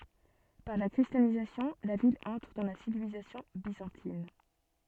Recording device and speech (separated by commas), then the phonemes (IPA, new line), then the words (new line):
soft in-ear microphone, read sentence
paʁ la kʁistjanizasjɔ̃ la vil ɑ̃tʁ dɑ̃ la sivilizasjɔ̃ bizɑ̃tin
Par la christianisation, la ville entre dans la civilisation byzantine.